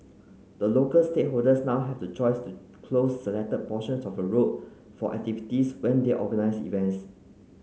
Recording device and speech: mobile phone (Samsung C9), read sentence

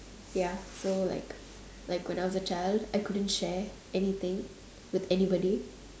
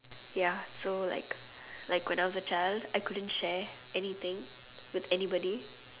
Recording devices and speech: standing microphone, telephone, conversation in separate rooms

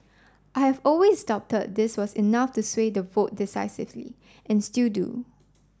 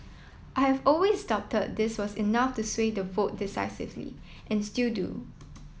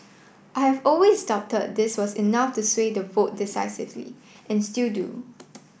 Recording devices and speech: standing microphone (AKG C214), mobile phone (iPhone 7), boundary microphone (BM630), read sentence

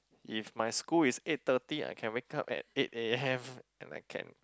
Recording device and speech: close-talking microphone, conversation in the same room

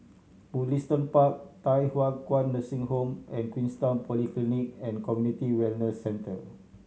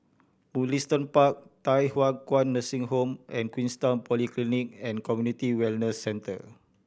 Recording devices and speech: mobile phone (Samsung C7100), boundary microphone (BM630), read sentence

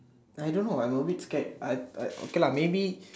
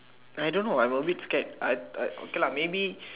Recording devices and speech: standing microphone, telephone, conversation in separate rooms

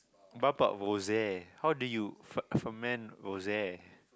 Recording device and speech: close-talking microphone, conversation in the same room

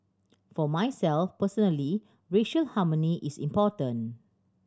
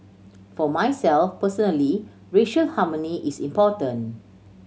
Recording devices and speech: standing microphone (AKG C214), mobile phone (Samsung C7100), read sentence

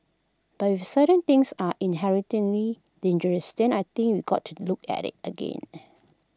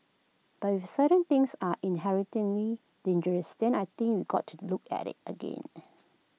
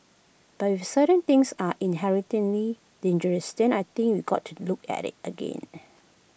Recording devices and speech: close-talking microphone (WH20), mobile phone (iPhone 6), boundary microphone (BM630), read sentence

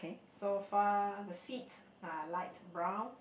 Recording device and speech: boundary microphone, conversation in the same room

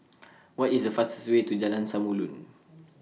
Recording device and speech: mobile phone (iPhone 6), read sentence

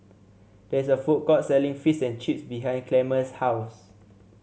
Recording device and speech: mobile phone (Samsung C7), read sentence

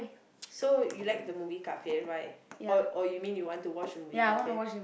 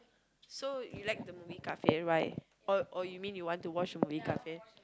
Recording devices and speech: boundary microphone, close-talking microphone, conversation in the same room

